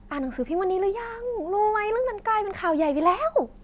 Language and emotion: Thai, happy